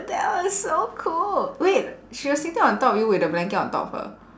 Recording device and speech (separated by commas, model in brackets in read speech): standing microphone, conversation in separate rooms